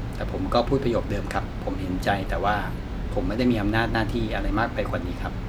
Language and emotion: Thai, neutral